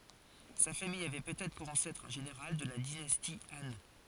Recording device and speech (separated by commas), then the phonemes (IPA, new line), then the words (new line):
forehead accelerometer, read sentence
sa famij avɛ pøtɛtʁ puʁ ɑ̃sɛtʁ œ̃ ʒeneʁal də la dinasti ɑ̃
Sa famille avait peut-être pour ancêtre un général de la dynastie Han.